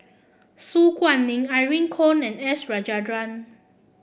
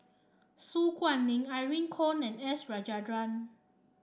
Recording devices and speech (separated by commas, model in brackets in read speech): boundary microphone (BM630), standing microphone (AKG C214), read sentence